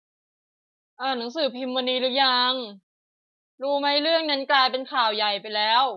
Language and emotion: Thai, frustrated